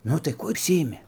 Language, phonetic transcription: Lithuanian, ˈnu tai ˈkuo užˈsiimi

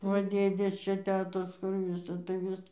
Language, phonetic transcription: Lithuanian, ˈva ˈdėdės ˈčia ˈtetos kur ˈvisa tai ˈvis

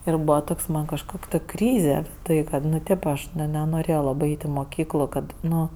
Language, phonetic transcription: Lithuanian, ir ˈbūva ˈtoks man kažˈkok' ˈtok' ˈkryze ˈtai kad ˈnu ˈtėp ˈaš ˈne nenorėjo ˈlabɜ ˈait' i moˈkyklu ˈkad ˈnu

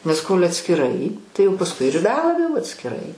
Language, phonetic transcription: Lithuanian, nes kol' atskiˈrai tai jau pasˈkui ir be ˈabejo jau atskiˈrai

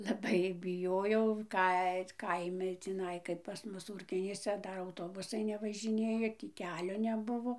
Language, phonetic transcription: Lithuanian, laˈbai biˈjojau ˈkai t ˈkaimi tįˈnai kaip pas ˈmus ˈūrkionyse ˈdar auˈtobusai nevažiˈnėjo ˈtį ˈkelio neˈbuvo

